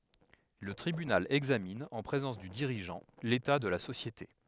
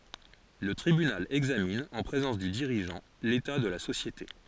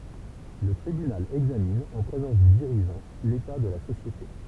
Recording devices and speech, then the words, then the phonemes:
headset microphone, forehead accelerometer, temple vibration pickup, read sentence
Le tribunal examine, en présence du dirigeant, l'état de la société.
lə tʁibynal ɛɡzamin ɑ̃ pʁezɑ̃s dy diʁiʒɑ̃ leta də la sosjete

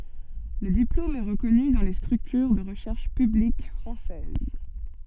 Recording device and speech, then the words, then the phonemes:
soft in-ear microphone, read sentence
Le diplôme est reconnu dans les structures de recherches publiques françaises.
lə diplom ɛ ʁəkɔny dɑ̃ le stʁyktyʁ də ʁəʃɛʁʃ pyblik fʁɑ̃sɛz

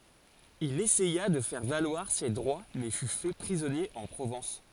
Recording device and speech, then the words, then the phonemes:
forehead accelerometer, read sentence
Il essaya de faire valoir ses droits, mais fut fait prisonnier en Provence.
il esɛja də fɛʁ valwaʁ se dʁwa mɛ fy fɛ pʁizɔnje ɑ̃ pʁovɑ̃s

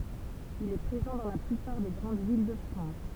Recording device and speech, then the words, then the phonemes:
temple vibration pickup, read sentence
Il est présent dans la plupart des grandes villes de France.
il ɛ pʁezɑ̃ dɑ̃ la plypaʁ de ɡʁɑ̃d vil də fʁɑ̃s

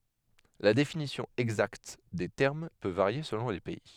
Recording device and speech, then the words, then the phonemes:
headset microphone, read sentence
La définition exacte des termes peut varier selon les pays.
la definisjɔ̃ ɛɡzakt de tɛʁm pø vaʁje səlɔ̃ le pɛi

